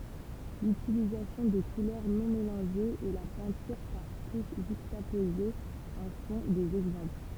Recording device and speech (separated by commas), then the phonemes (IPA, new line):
temple vibration pickup, read sentence
lytilizasjɔ̃ də kulœʁ nɔ̃ melɑ̃ʒez e la pɛ̃tyʁ paʁ tuʃ ʒykstapozez ɑ̃ sɔ̃ dez ɛɡzɑ̃pl